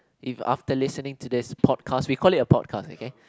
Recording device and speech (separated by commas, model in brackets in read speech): close-talking microphone, conversation in the same room